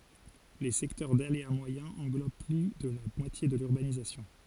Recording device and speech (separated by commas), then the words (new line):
forehead accelerometer, read sentence
Les secteurs d’aléa moyen englobent plus de la moitié de l’urbanisation.